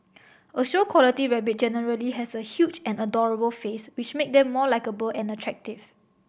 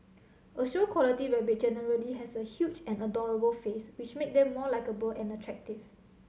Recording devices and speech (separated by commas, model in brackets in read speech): boundary microphone (BM630), mobile phone (Samsung C7100), read sentence